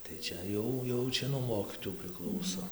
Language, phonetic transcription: Lithuanian, tai ˈčia jau jau ˈčia nuo ˈmokytojų priˈklauso

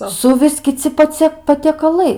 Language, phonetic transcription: Lithuanian, ˈsuvis kiˈci paˈcie patiekaˈlai

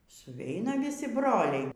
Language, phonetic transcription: Lithuanian, suˈveina viˈsi ˈbroliai

